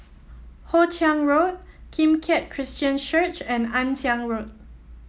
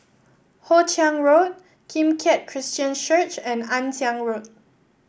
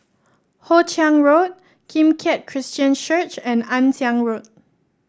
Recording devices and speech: mobile phone (iPhone 7), boundary microphone (BM630), standing microphone (AKG C214), read sentence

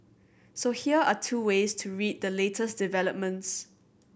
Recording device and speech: boundary microphone (BM630), read sentence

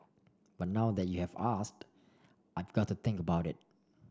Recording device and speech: standing microphone (AKG C214), read sentence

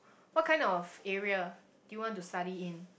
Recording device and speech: boundary microphone, conversation in the same room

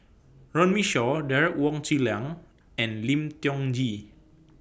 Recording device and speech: boundary microphone (BM630), read sentence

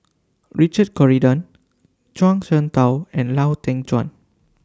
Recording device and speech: standing microphone (AKG C214), read sentence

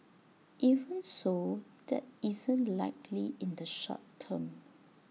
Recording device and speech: mobile phone (iPhone 6), read sentence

